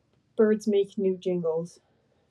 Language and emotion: English, fearful